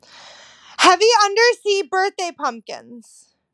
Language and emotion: English, neutral